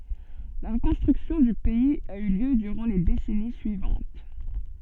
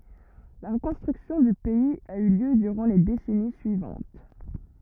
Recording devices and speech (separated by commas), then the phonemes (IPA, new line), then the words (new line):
soft in-ear microphone, rigid in-ear microphone, read sentence
la ʁəkɔ̃stʁyksjɔ̃ dy pɛiz a y ljø dyʁɑ̃ le desɛni syivɑ̃t
La reconstruction du pays a eu lieu durant les décennies suivantes.